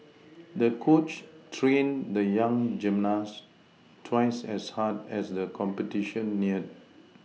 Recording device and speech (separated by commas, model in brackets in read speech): mobile phone (iPhone 6), read sentence